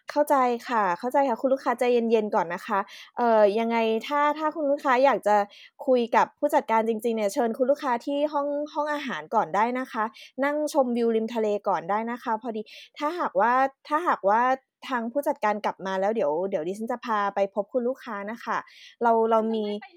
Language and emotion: Thai, neutral